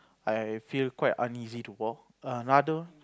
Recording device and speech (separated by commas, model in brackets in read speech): close-talking microphone, conversation in the same room